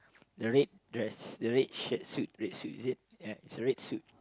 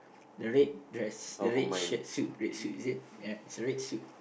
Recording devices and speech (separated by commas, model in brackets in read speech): close-talking microphone, boundary microphone, conversation in the same room